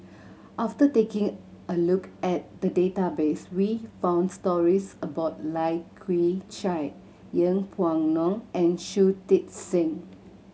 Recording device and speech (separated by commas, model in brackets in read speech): mobile phone (Samsung C7100), read sentence